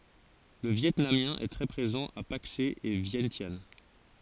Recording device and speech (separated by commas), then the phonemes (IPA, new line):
forehead accelerometer, read sentence
lə vjɛtnamjɛ̃ ɛ tʁɛ pʁezɑ̃ a pakse e vjɛ̃sjan